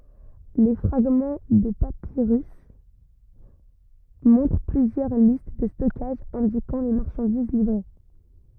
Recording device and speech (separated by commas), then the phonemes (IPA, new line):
rigid in-ear microphone, read sentence
le fʁaɡmɑ̃ də papiʁys mɔ̃tʁ plyzjœʁ list də stɔkaʒ ɛ̃dikɑ̃ le maʁʃɑ̃diz livʁe